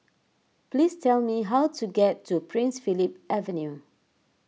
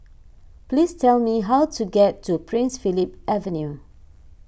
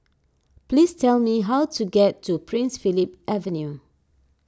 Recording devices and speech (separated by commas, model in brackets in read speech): mobile phone (iPhone 6), boundary microphone (BM630), standing microphone (AKG C214), read sentence